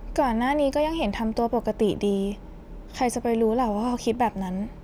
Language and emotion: Thai, neutral